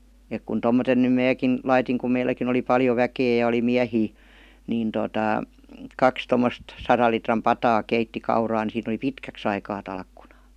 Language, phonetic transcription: Finnish, ek kun 'tommoten nym "määkin , 'laitiŋ kum 'meilläkin ‿oli 'paljo "väkee ja oli 'miähii , niin totà , 'kaks 'tommost , 'saral litram 'pataa 'keitti 'kauraa ni siin ‿°li "pitkäks ‿aikaa 'talkkunAA .
- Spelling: että kun tuommoisen nyt minäkin laitoin kun meilläkin oli paljon väkeä ja oli miehiä niin tuota kaksi tuommoista sadan litran pataa keitti kauraa niin siinä oli pitkäksi aikaa talkkunaa

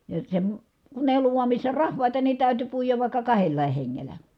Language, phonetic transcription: Finnish, ja se , kun èi ollu(n̆na) missä rahvàita nii täyty puijav vàikka kahellàih heŋŋelä .
- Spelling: ja se kun ei ollut missä rahvaita niin täytyi puida vaikka kahdellakin hengellä

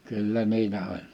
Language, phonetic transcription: Finnish, 'kyllä 'niilä oĺ .
- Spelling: kyllä niillä oli

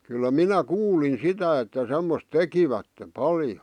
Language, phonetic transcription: Finnish, kyllä "minä "kuulin 'sitä että 'semmos "tekivätte "paljo .
- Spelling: kyllä minä kuulin sitä että semmoista tekivät paljon

